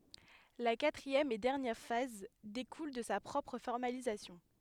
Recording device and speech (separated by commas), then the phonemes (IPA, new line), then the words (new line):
headset microphone, read sentence
la katʁiɛm e dɛʁnjɛʁ faz dekul də sa pʁɔpʁ fɔʁmalizasjɔ̃
La quatrième et dernière phase découle de sa propre formalisation.